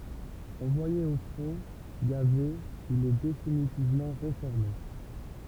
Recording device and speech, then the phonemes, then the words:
temple vibration pickup, read sentence
ɑ̃vwaje o fʁɔ̃ ɡaze il ɛ definitivmɑ̃ ʁefɔʁme
Envoyé au front, gazé, il est définitivement réformé.

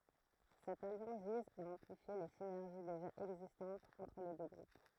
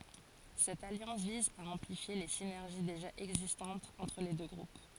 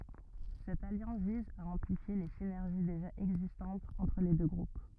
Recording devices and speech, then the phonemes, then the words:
throat microphone, forehead accelerometer, rigid in-ear microphone, read sentence
sɛt aljɑ̃s viz a ɑ̃plifje le sinɛʁʒi deʒa ɛɡzistɑ̃tz ɑ̃tʁ le dø ɡʁup
Cette alliance vise à amplifier les synergies déjà existantes entre les deux groupes.

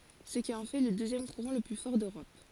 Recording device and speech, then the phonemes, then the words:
forehead accelerometer, read sentence
sə ki ɑ̃ fɛ lə døzjɛm kuʁɑ̃ lə ply fɔʁ døʁɔp
Ce qui en fait le deuxième courant le plus fort d'Europe.

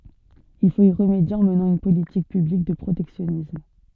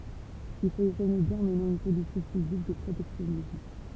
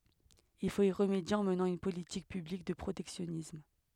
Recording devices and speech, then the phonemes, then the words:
soft in-ear microphone, temple vibration pickup, headset microphone, read sentence
il fot i ʁəmedje ɑ̃ mənɑ̃ yn politik pyblik də pʁotɛksjɔnism
Il faut y remédier en menant une politique publique de protectionnisme.

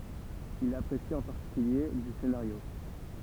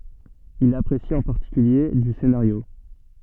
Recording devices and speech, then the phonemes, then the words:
temple vibration pickup, soft in-ear microphone, read sentence
il apʁesi ɑ̃ paʁtikylje dy senaʁjo
Il apprécie en particulier du scénario.

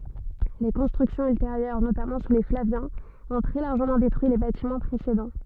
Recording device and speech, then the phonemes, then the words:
soft in-ear microphone, read sentence
le kɔ̃stʁyksjɔ̃z ylteʁjœʁ notamɑ̃ su le flavjɛ̃z ɔ̃ tʁɛ laʁʒəmɑ̃ detʁyi le batimɑ̃ pʁesedɑ̃
Les constructions ultérieures, notamment sous les Flaviens, ont très largement détruit les bâtiments précédents.

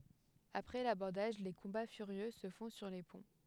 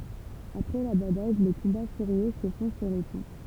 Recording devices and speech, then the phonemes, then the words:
headset microphone, temple vibration pickup, read sentence
apʁɛ labɔʁdaʒ le kɔ̃ba fyʁjø sə fɔ̃ syʁ le pɔ̃
Après l'abordage, les combats furieux se font sur les ponts.

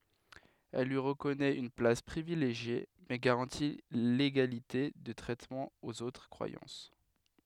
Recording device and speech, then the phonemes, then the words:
headset microphone, read sentence
ɛl lyi ʁəkɔnɛt yn plas pʁivileʒje mɛ ɡaʁɑ̃ti leɡalite də tʁɛtmɑ̃ oz otʁ kʁwajɑ̃s
Elle lui reconnaît une place privilégiée, mais garantit l'égalité de traitement aux autres croyances.

